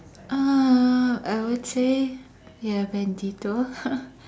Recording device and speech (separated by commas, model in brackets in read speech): standing microphone, conversation in separate rooms